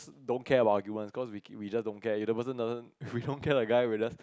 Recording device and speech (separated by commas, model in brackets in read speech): close-talking microphone, conversation in the same room